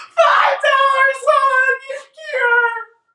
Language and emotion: English, sad